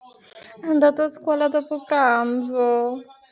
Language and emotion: Italian, sad